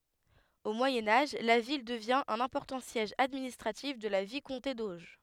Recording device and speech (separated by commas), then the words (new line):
headset microphone, read sentence
Au Moyen Âge, la ville devient un important siège administratif de la vicomté d’Auge.